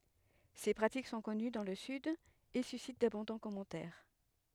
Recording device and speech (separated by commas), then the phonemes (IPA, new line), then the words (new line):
headset microphone, read sentence
se pʁatik sɔ̃ kɔny dɑ̃ lə syd e sysit dabɔ̃dɑ̃ kɔmɑ̃tɛʁ
Ces pratiques sont connues dans le Sud et suscitent d'abondants commentaires.